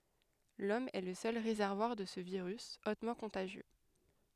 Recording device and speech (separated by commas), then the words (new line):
headset microphone, read sentence
L'homme est le seul réservoir de ce virus, hautement contagieux.